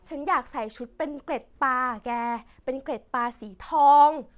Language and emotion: Thai, happy